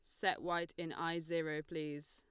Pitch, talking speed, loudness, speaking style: 165 Hz, 190 wpm, -40 LUFS, Lombard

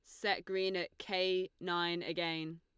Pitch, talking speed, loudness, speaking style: 175 Hz, 150 wpm, -36 LUFS, Lombard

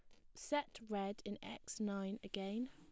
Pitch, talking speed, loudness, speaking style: 205 Hz, 155 wpm, -44 LUFS, plain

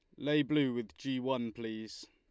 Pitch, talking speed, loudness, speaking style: 130 Hz, 190 wpm, -35 LUFS, Lombard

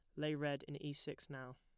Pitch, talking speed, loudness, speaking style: 145 Hz, 260 wpm, -44 LUFS, plain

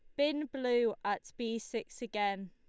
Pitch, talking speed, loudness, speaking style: 230 Hz, 155 wpm, -35 LUFS, Lombard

